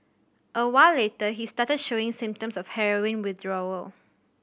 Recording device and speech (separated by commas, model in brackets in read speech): boundary microphone (BM630), read sentence